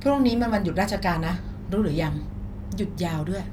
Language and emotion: Thai, neutral